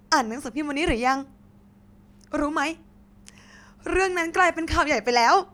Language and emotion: Thai, happy